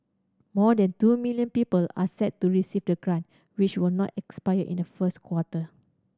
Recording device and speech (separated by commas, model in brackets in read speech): standing microphone (AKG C214), read sentence